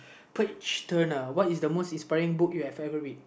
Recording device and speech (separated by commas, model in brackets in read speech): boundary microphone, conversation in the same room